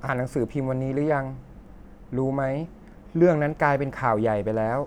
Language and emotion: Thai, neutral